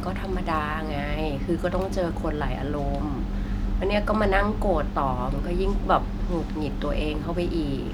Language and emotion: Thai, frustrated